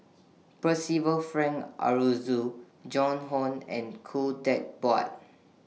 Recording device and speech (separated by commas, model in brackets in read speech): mobile phone (iPhone 6), read sentence